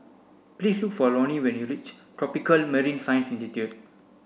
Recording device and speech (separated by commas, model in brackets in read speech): boundary microphone (BM630), read sentence